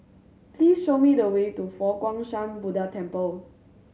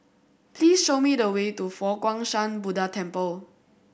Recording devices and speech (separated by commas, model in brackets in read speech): mobile phone (Samsung C7100), boundary microphone (BM630), read sentence